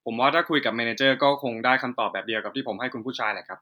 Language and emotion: Thai, frustrated